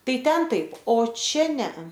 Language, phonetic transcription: Lithuanian, ˈtai ˈten ˈtaip o ˈčia ˈnea

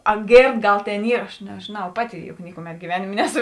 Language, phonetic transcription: Lithuanian, a ˈgėrd ˈgal ˈtėn ˈyr aš nežėˈnau ˈpaˌti juk ˈnikuˌmet giˈvenėmė ˈneˌsu

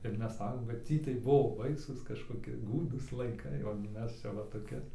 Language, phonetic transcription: Lithuanian, ir ˈmes ˈsakom kad ˈtį tai ˈbuvo ˈbaisūs kažkoˈki ˈgūdūs laiˈkai o gi ˈmes ˈčia va toˈki

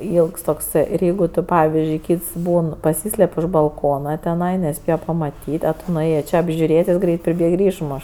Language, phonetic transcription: Lithuanian, ˈylgs tokˈsɜ ir ˈjeigu tu ˈpavizdžiui ˈkyts ˈbūn paˈsyslep' už balˈkona teˈnai neˈspėja pamaˈtyt' a ˈtu nuˈėjė ˈčė apžiuˈrėt' ˈjis ˈgreit priˈbėg ir ˈišmoš

